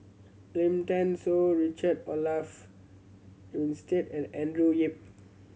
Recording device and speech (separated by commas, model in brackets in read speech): mobile phone (Samsung C7100), read sentence